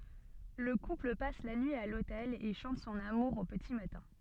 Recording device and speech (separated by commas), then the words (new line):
soft in-ear microphone, read sentence
Le couple passe la nuit à l'hôtel et chante son amour au petit matin.